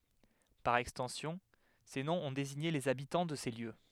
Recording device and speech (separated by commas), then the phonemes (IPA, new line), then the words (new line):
headset microphone, read sentence
paʁ ɛkstɑ̃sjɔ̃ se nɔ̃z ɔ̃ deziɲe lez abitɑ̃ də se ljø
Par extension, ces noms ont désigné les habitants de ces lieux.